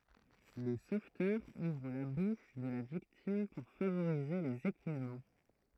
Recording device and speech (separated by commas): throat microphone, read sentence